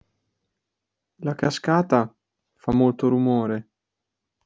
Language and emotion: Italian, sad